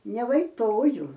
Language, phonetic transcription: Lithuanian, nevaiˈtoju

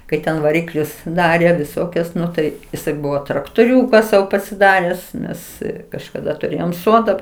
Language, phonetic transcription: Lithuanian, kai ˈten vaˈriklius ˈdarė viˈsokias ˈnu tai jiˈsai ˈbuvo traktoˈriūka ˈsau pasiˈdares ˈnes kažkaˈda tuˈrėjom ˈsoda

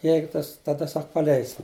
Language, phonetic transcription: Lithuanian, ˈjeigu ˈtas taˈda ˈsak paˈleisim

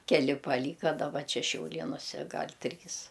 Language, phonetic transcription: Lithuanian, keˈli paˈlyka daˈba ˈčia šiauˈlėnuse ˈgal' ˈtrys

